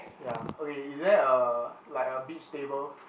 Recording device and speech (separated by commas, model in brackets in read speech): boundary microphone, conversation in the same room